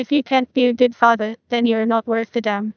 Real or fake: fake